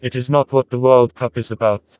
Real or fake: fake